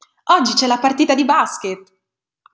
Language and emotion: Italian, happy